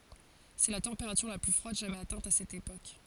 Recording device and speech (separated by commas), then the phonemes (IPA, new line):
forehead accelerometer, read sentence
sɛ la tɑ̃peʁatyʁ la ply fʁwad ʒamɛz atɛ̃t a sɛt epok